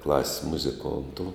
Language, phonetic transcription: Lithuanian, klas's' muziˈkontu

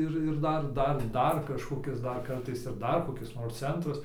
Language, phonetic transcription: Lithuanian, ˈir ir ˈdar ˈdar ˈdar kažkoˈkis ˈdar ˈkartais ir ˈdar koˈkis nors ˈcentras

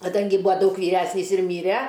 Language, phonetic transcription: Lithuanian, kaˈdangi ˈbūa ˈdaug vyˈresnys ir ˈmyre

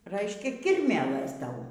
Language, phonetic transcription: Lithuanian, ˈraiškia ˈkirmėlɘs ˈtau

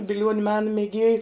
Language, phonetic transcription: Lithuanian, biˈliuoniu ˈmena meˈgėju

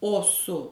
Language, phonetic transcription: Lithuanian, ˈo su

